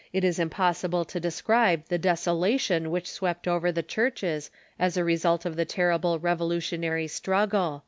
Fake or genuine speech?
genuine